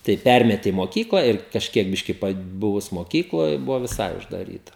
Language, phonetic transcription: Lithuanian, tai ˈpermeti i moˈkykla ir kažˈkiek ˈbiški paˈbuvus moˈkykloj ˈbuvo viˈsai uždaˈryta

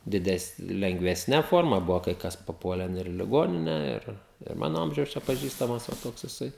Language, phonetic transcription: Lithuanian, diˈdesn lengvesˈne ˈforma ˈbuvo kai ˈkas paˈpuolen ir i liˈgonine ˈir ir ˈmano ˈamžiaus čia paˈžįstamas va ˈtoks jiˈsai

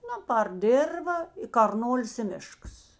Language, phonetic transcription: Lithuanian, ˈnu par ˈdėrva i karˈnolis i ˈmiškas

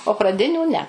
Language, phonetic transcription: Lithuanian, o praˈdinių ne

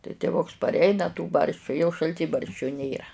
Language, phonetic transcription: Lithuanian, tai tiˈvuks parˈeina tų ˈbarščių jau šalˈtybarščiu ˈnėra

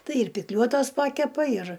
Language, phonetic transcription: Lithuanian, ˈtai ir pikˈliuotos ˈpakepa ir

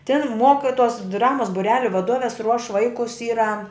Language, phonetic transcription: Lithuanian, tin ˈmuokituos ˈdramuos buˈreliu vaˈduoves ruoš ˈvaikus ˈyra

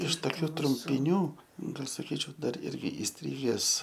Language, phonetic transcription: Lithuanian, iš toˈkių trumpiˈnių ˈgal' saˈkyčiau ˈdar ˈirgi isˈtriges

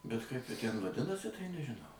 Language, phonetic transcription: Lithuanian, bet kaip ˈji tæn vaˈdinasi tai nežiˈnau

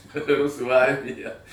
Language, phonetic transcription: Lithuanian, ˈrusų ˈarmija

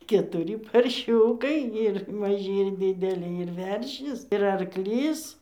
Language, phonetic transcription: Lithuanian, ketuˈry parˈšiūkai ir maˈžy ir dideˈly ir ˈveršis ir arˈklys

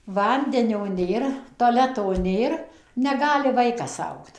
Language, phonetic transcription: Lithuanian, ˈvandenio ˈnėr toˈleto ˈnėr neˈgali ˈvaikas ˈaugt

